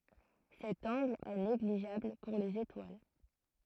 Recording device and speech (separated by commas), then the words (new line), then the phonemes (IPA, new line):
throat microphone, read sentence
Cet angle est négligeable pour les étoiles.
sɛt ɑ̃ɡl ɛ neɡliʒabl puʁ lez etwal